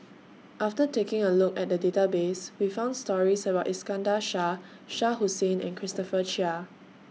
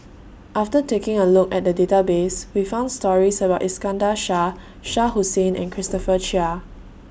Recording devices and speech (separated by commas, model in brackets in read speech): mobile phone (iPhone 6), boundary microphone (BM630), read sentence